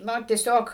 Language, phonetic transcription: Lithuanian, ˈna tieˈsiog

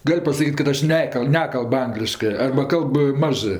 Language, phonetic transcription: Lithuanian, ˈgal' pasaˈkyt' kad ˈaš ˈnekal' ˈnekalb ˈangliškɜ arba ˈkalb ˈmažɜ

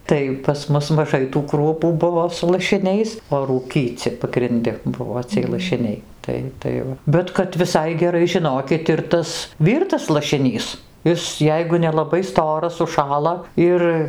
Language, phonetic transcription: Lithuanian, ˈtai pas ˈmus maˈžai tų ˈkruopų ˈbuvo su lašiˈniais o ˈrūkyci pagrinˈdi ˈbuvo ciej lašiˈniai ˈtai ˈtai va bet kad viˈsai geˈrai žiˈnokit ir ˈtas ˈvyrtas lašiˈnys ˈis ˈjeigu nelaˈbai ˈstoras užˈšąla ˈir

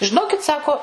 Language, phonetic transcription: Lithuanian, žiˈnokit ˈsako

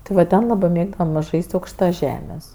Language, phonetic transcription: Lithuanian, ti ˈva ˈten ˈlabɜ ˈmėgdavam ˈžais't' aukšˈta ˈžemės

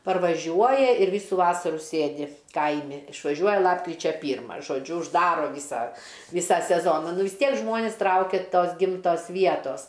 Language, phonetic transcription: Lithuanian, parvaˈžiuoja ir ˈvysų ˈvasarų ˈsėdi ˈkaimi išvaˈžiuoja ˈlapkričia ˈpyrma žoˈdžiu užˈdaro ˈvysa ˈvysą seˈzona ˈnu vis ˈtiek ˈžmonis ˈtraukia ˈtos ˈgimtos ˈvietos

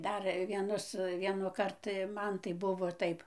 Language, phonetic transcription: Lithuanian, ˈdar vieˈnus ˌvienuˈkart ˈman tai ˈbuvo ˈtaip

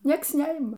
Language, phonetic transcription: Lithuanian, ˈnieks ˈneima

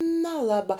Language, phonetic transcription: Lithuanian, neˈlaba

